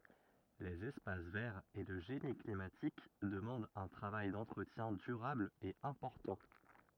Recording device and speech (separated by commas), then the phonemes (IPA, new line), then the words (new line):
rigid in-ear microphone, read sentence
lez ɛspas vɛʁz e lə ʒeni klimatik dəmɑ̃dt œ̃ tʁavaj dɑ̃tʁətjɛ̃ dyʁabl e ɛ̃pɔʁtɑ̃
Les espaces verts et le génie climatique demandent un travail d'entretien durable et important.